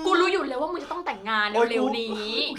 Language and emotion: Thai, happy